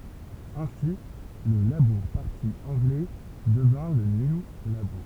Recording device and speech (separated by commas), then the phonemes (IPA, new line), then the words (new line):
temple vibration pickup, read sentence
ɛ̃si lə labuʁ paʁti ɑ̃ɡlɛ dəvjɛ̃ lə nju labuʁ
Ainsi, le Labour Party anglais devient le New Labour.